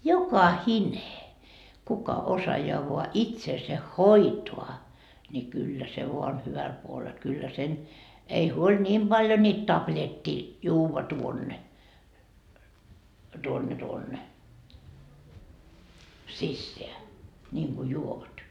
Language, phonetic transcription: Finnish, "jokahine , kuka 'osajaa voa "itseese "hoitoa , ńi 'kyllä se voa on 'hyväl puolel kyllä sen , ei "huoĺ "niim Baljo niit 'tapĺet́t́ii , 'juuva tuonne , tuonne tuonne , "sisseä , ńiiŋGu 'juovat .
- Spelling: jokainen kuka osaa vain itsensä hoitaa niin kyllä se vain on hyvällä puolella kyllä sen ei huoli niin paljon niitä tabletteja juoda tuonne tuonne tuonne sisään niin kuin juovat

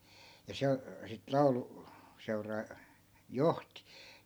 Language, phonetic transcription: Finnish, ja 'se , sit "laulu- , '-seuraa , "johti .
- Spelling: ja se sitten - lauluseuraa johti

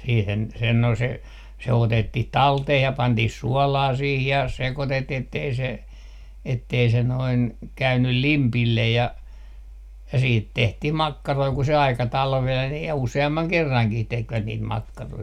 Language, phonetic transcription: Finnish, siihen , sen no se , se 'otettih "talteh ja 'pantih "suɔlaa sih ja 'sekotettii ettei se , ettei se noin , 'käynyl "limpillej ja , ja 'siit 'tehtih "makkaroi ku se 'aika "talveen , ja "use₍ammaŋ 'kerraŋkih 'tekvät niit "makkaroi .
- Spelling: siihen sen no se se otettiin talteen ja pantiin suolaa siihen ja sekoitettiin että ei se että ei se noin käynyt limpille ja ja siitä tehtiin makkaroita kun se aika talveen ja useamman kerrankin tekivät niitä makkaroita

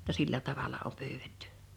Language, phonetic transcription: Finnish, [jo]tta 'sillä 'tavala oᴍ 'pyyvettʏ .
- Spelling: jotta sillä tavalla on pyydetty

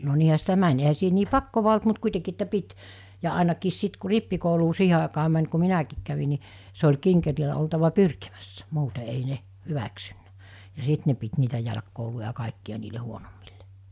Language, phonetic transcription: Finnish, no niihä sitä 'mäń ehä siihe nii 'pakkova olt mut 'kuitekii että 'pit , ja àenakiis 'sit ku 'rippikouluu 'siihe àekaa män ku 'minäkiik kävi ni , se oĺ 'kiŋkerilä oltava 'pyrkimässä , 'muute ei 'ne , 'hyväksynnᴀ̈ , ja 'sìt ne pit niitä 'jälᵃ̈kkouluja ( ‿a?) 'kàekki₍a niile 'huonommillᴇ .
- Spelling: no niinhän sitä meni eihän siihen niin pakkoa ollut mutta kuitenkin että piti ja ainakin sitten kun rippikouluun siihen aikaan meni kun minäkin kävin niin se oli kinkereillä oltava pyrkimässä muuten ei ne hyväksynyt ja sitten ne piti niitä jälkikouluja ja kaikkia niille huonommille

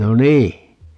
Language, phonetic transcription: Finnish, 'no "nii .
- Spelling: no niin

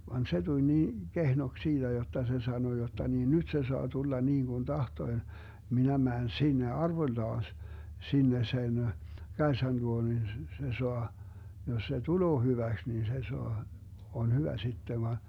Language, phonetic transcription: Finnish, van 'se tuĺ nii , "kehnoks 'siiDä jotta se 'sano jotta nii » "nyt se soa 'tulla 'niiŋGun "tahtoⁱ , 'minä 'mään "sinne 'arvoⁱllaas , 'sinne 'sen , "Kaesan luo nin s - s - se 'soa , jos se "tuloo 'hyväks nin se 'soa , 'on "hyvä 'sitte » va .
- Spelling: vaan se tuli niin kehnoksi siitä jotta se sanoi jotta niin nyt se saa tulla niin kuin tahtoi minä menen sinne arvollaan sinne sen Kaisan luo niin - - se saa jos se tulee hyväksi niin se saa on hyvä sitten vaan

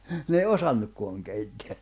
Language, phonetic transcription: Finnish, n ‿ei 'osannukko̬aŋ keitteä .
- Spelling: ne ei osannutkaan keittää

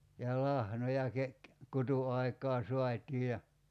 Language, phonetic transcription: Finnish, ja 'lahnoja ke- , 'kutu₍aik̀aa 'so̭at́ii ja ,.
- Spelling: ja lahnoja - kutuaikaan saatiin ja

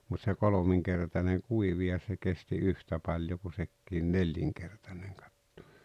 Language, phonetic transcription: Finnish, mut se "kolomiŋkertaneŋ "kuivi ja se 'kesti "yhtä 'paĺjo ku 'sekkiin "nelliŋkertaneŋ katto .
- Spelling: mutta se kolminkertainen kuivui ja se kesti yhtä paljon kuin sekin nelinkertainen katto

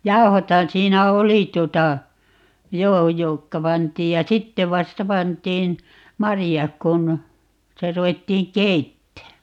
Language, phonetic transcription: Finnish, "jau̬hothan 'siinä "oli tuota , "joo 'jokka 'pant̀iij ja "sitte 'vasta 'pant̀iin , "marijak kun , 'sitä 'ruwettiiŋ "keittää .
- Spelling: jauhothan siinä oli tuota joo jotka pantiin ja sitten vasta pantiin marjat kun sitä ruvettiin keittämään

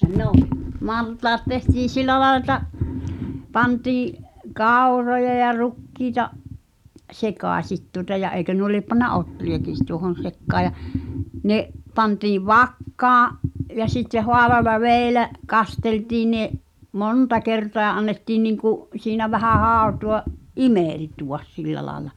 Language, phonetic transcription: Finnish, 'nò’ , 'maltaat tehtiin̬ "sillä laĕl ‿eta̳ , 'pantii’ , "kàuroja ja "rukkiita’ , "sekàśit tuŏta ja 'eikö nuo liep panna "’otri₍akiis̳ tuohon̬ 'sekkaa ja , 'ne’ , 'pantiiv "vakkaa’ , ja sitteh 'hoaleala "vèi̬lä’ , 'kasteltii ne’ , "monta kertoa ʿʲᵃʾ 'annettii niiŋku’ , siinä 'vähä "hàu̬tu₍a’ , "’imèltuʷas 'sillä laaᵉla .
- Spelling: no maltaat tehtiin sillä lailla että pantiin kauroja ja rukiita sekaisin tuota ja eikö nuo lie pannut ohriakin tuohon sekaan ja ne pantiin vakkaan ja sitten huolella vielä kasteltiin ne monta kertaa ja annettiin niin kuin siinä vähän hautua imeltyä sillä lailla

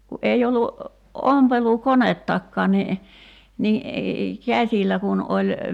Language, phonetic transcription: Finnish, ku '’ei ollu , 'ompelu"konettakkaan ni , ni , "käśillä 'kun ’oĺ ,.
- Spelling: kun ei ollut ompelukonettakaan niin niin käsillä kun oli

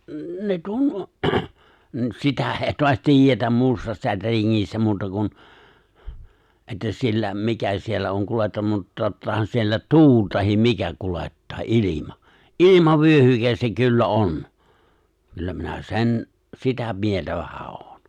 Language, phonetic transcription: Finnish, N- ne 'tu- , mut 'sitä èi̬ toas 'tiijjetäm 'muusta ('sätriŋŋistä) 'muuta kun , että siellä , 'mikä siellä on '(kulettan-) mut 'tottahan siellä "tuul tahim 'mikä 'kulettaa , '’ilima , "’ilimavyᴏ̈hykes se 'kyllä "’on , 'kyllä minä "se̬n , "sitä 'mieltä vähä '’oon̬ .
- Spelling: - ne - mutta sitä ei taas tiedetä muusta sätringistä muuta kuin että siellä mikä siellä on - mutta tottahan siellä tuuli tai mikä kuljettaa ilma ilmavyöhyke se kyllä on kyllä minä sen sitä mieltä vähän olen

